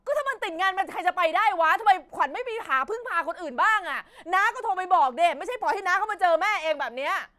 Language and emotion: Thai, angry